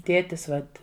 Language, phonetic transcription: Lithuanian, ˈtėtis ˈvat

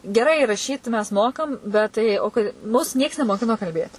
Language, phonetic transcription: Lithuanian, geˈrai raˈšyt mes ˈmokam bet ˈtai o ˈkai ˈmus ˈnieks nemoˈkino kalˈbėt

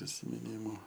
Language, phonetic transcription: Lithuanian, prisimiˈnymu

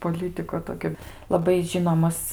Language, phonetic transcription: Lithuanian, poˈlytiko ˈtokio laˈbai ˈžinomas

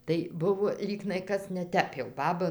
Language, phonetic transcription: Lithuanian, tai ˈbuvo ˈlygnai ˈkas neˈtep jau ˈbaba

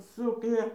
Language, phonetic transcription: Lithuanian, ˈsuknią

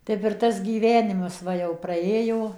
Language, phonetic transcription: Lithuanian, ˈtep ir ˈtas gyˈvenimas ˈva jau praˈėjo

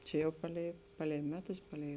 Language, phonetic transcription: Lithuanian, ˈčia jau ˈpaˌlei ˈpaˌlei ˈmeˌtus ˈpaˌlei

